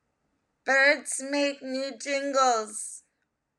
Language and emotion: English, fearful